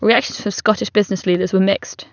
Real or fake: real